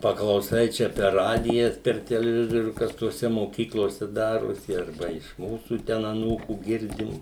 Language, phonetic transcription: Lithuanian, paklauˈsai ˈčia per ˈradijas per teleˈvizorių ˈkas toˈse moˈkyklose ˈdarosi arˈba iš ˈmūsų ˈten aˈnūkų ˈgirdim

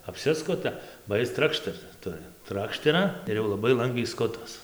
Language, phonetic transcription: Lithuanian, apˈsiskuta ba ˈjis ˈtrakštert ˈturi ˈtrakštera ir jau laˈbai ˈlangviai ˈskutas

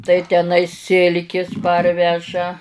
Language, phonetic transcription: Lithuanian, tai teˈnai ˈsilkis ˈparveža

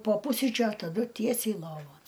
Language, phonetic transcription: Lithuanian, po ˈpusryčiu a taˈdu ˈtiesiai ˈlovon

